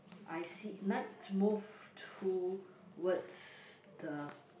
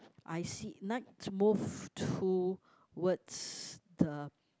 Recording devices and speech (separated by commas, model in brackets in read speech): boundary microphone, close-talking microphone, conversation in the same room